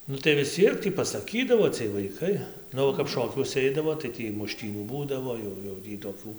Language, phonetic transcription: Lithuanian, ˈnu tai vis ˈciek tį pasaˈkydavo ciej vaiˈkai ˈnu va kap ˈšokiuose ˈeidavo tai ˈtį muˈštynių ˈbūdavo jau jau ˈtį toˈkių

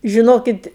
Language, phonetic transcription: Lithuanian, žiˈnokit

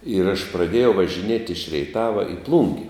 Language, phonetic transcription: Lithuanian, ir aš praˈdėjau važiˈniet' iš reiˈtava i ˈplūngi

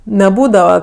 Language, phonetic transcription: Lithuanian, neˈbūdava

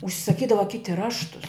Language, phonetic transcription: Lithuanian, užsisaˈkydava ˈkiti ˈraštus

